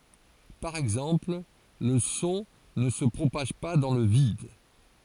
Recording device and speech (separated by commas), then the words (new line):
forehead accelerometer, read sentence
Par exemple, le son ne se propage pas dans le vide.